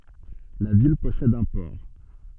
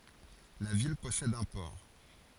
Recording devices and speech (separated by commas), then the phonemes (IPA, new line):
soft in-ear microphone, forehead accelerometer, read sentence
la vil pɔsɛd œ̃ pɔʁ